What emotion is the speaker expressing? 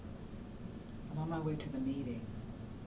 neutral